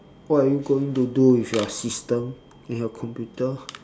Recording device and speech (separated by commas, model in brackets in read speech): standing microphone, conversation in separate rooms